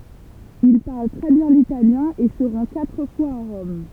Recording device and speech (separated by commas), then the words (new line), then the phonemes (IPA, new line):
temple vibration pickup, read sentence
Il parle très bien l'italien et se rend quatre fois à Rome.
il paʁl tʁɛ bjɛ̃ litaljɛ̃ e sə ʁɑ̃ katʁ fwaz a ʁɔm